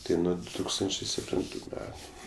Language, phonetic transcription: Lithuanian, ˈtai ˈnu du ˈtūkstančė sepˈtintu ˈmetu

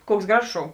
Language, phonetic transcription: Lithuanian, ˈkuoks ˈgražos ˈšou

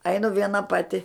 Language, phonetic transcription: Lithuanian, ˈainu ˈviena ˈpati

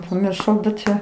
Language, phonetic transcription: Lithuanian, pamirˈšau bet ˈčia

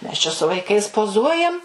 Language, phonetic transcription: Lithuanian, ˈmes čia su vaiˈkais poˈzuojam

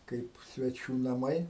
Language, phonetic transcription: Lithuanian, ˈkaip sveˈčių naˈmai

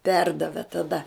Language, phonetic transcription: Lithuanian, ˈperdavė taˈda

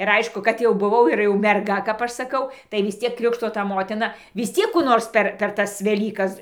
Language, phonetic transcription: Lithuanian, ir ˈaišku kad jau buˈvau ir jau merˈga kap ˈaš saˈkau tai vis ˈciek ˈkrikšto ta ˈmotina vis ˈciek kų ˈnors per per ˈtas veˈlykas

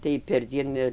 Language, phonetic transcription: Lithuanian, tai perˈdzien ir

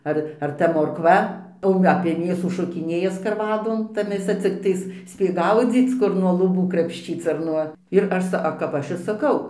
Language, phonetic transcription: Lithuanian, ˈar ar ˈta morkˈva o apie ˈmėsų ˈšokiˈnėja skarˈvadon ˈta mėˈsa cikˈtais ˈspėk ˈgaudzyc ˈkur nuo luˈbų krapšˈčyc ar ˈnuo ir ˈaš sa a kap ˈaš ir saˈkau

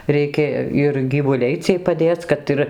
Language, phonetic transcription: Lithuanian, reiˈkė ir gyvuˈliai ˈciej paˈdėc ˈkad ir

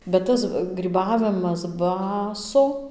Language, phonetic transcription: Lithuanian, bet ˈtas gryˈbavimas ˈbaso

